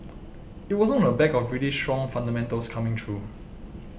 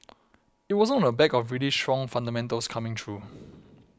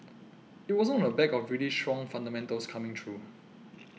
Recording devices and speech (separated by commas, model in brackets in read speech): boundary microphone (BM630), close-talking microphone (WH20), mobile phone (iPhone 6), read sentence